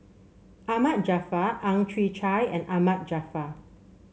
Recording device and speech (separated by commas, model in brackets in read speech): mobile phone (Samsung C7), read sentence